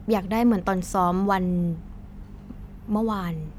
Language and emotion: Thai, neutral